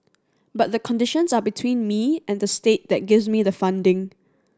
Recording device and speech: standing microphone (AKG C214), read sentence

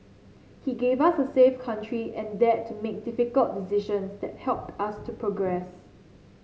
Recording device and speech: mobile phone (Samsung C7), read sentence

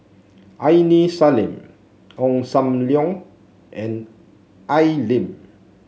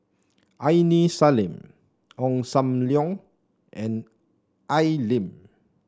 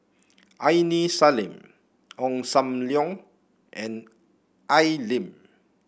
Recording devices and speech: mobile phone (Samsung C7), standing microphone (AKG C214), boundary microphone (BM630), read sentence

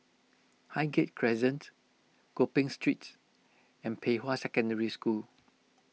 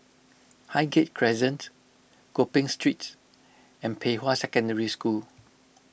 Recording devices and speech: mobile phone (iPhone 6), boundary microphone (BM630), read sentence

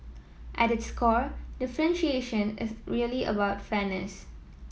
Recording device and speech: mobile phone (iPhone 7), read sentence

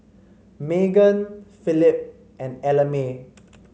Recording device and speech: mobile phone (Samsung C5), read sentence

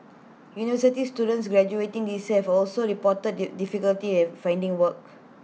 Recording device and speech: mobile phone (iPhone 6), read sentence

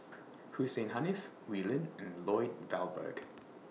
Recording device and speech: mobile phone (iPhone 6), read sentence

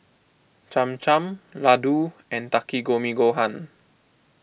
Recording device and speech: boundary microphone (BM630), read sentence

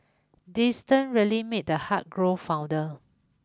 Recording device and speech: close-talking microphone (WH20), read sentence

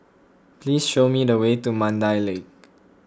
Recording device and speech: close-talking microphone (WH20), read sentence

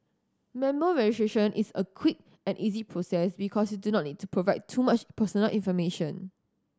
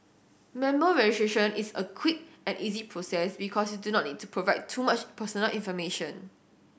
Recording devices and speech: standing microphone (AKG C214), boundary microphone (BM630), read sentence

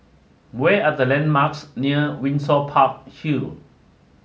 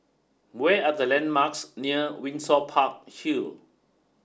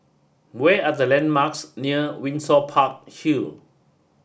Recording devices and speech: mobile phone (Samsung S8), standing microphone (AKG C214), boundary microphone (BM630), read sentence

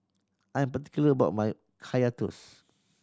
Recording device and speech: standing microphone (AKG C214), read sentence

